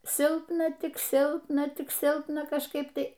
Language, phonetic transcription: Lithuanian, ˈsilpna ˈtik ˈsilpna ˈtik ˈsilpna kažˈkaip ˈtai

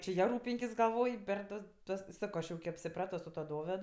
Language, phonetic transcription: Lithuanian, či ˈja ˈrūpinkis gaˈlvoj per ˈtas ˈtuos ˈsako ˈaš jau ki apsiˈprato su tuo ˈdoved

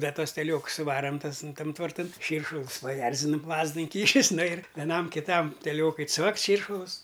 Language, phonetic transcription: Lithuanian, ˈda ˈtuos teˈlioks suˈvaram ˈtas n ˈtam tvarˈtan ˈšyršulus paˈjerzinum ˈlazdu inˈkyšis ˈnu ir veˈnam kiˈtam teˈliokui ˈcvakt' ˈšyršulus

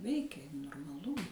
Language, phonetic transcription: Lithuanian, ˈveikė normaˈlu

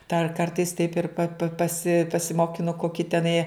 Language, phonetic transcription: Lithuanian, dar ˈkartais taip ir pa pa paˈsi pasimokiˈnu koˈkį teˈnai

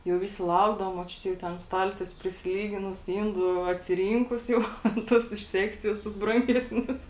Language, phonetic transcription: Lithuanian, jau ˈvisi ˈlaukdavo moˈčiutė jau ˈten ˈstaltiesiu prisiˈlyginus ˈindų atsiˈrynkus jau ten ˈtus iš ˈsekcijos tus ˈbrangesnius

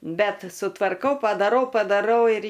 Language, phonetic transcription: Lithuanian, ˈbet sutvarˈkau padaˈrau padaˈrau ir

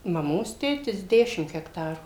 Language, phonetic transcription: Lithuanian, maˈmos ˈtėtis ˈdešim hekˈtarų

